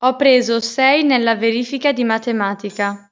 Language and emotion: Italian, neutral